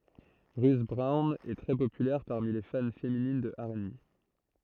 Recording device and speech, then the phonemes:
throat microphone, read sentence
ʁyt bʁɔwn ɛ tʁɛ popylɛʁ paʁmi le fan feminin də ɛʁ e be

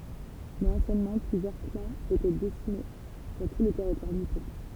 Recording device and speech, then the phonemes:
temple vibration pickup, read sentence
mɛz ɑ̃sjɛnmɑ̃ plyzjœʁ klɑ̃z etɛ disemine syʁ tu lə tɛʁitwaʁ nipɔ̃

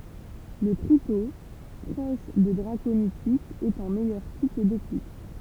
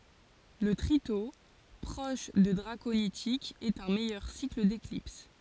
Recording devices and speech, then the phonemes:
temple vibration pickup, forehead accelerometer, read sentence
lə tʁito pʁɔʃ də dʁakonitikz ɛt œ̃ mɛjœʁ sikl deklips

